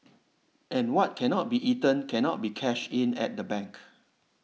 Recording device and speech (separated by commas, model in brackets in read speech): mobile phone (iPhone 6), read sentence